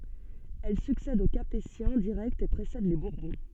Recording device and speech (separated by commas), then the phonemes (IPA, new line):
soft in-ear microphone, read sentence
ɛl syksɛd o kapetjɛ̃ diʁɛktz e pʁesɛd le buʁbɔ̃